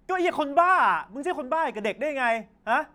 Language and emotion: Thai, angry